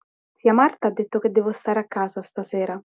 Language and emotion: Italian, neutral